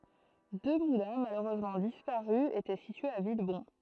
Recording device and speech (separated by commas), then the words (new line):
throat microphone, read sentence
Deux moulins, malheureusement disparus, étaient situés à Villebon.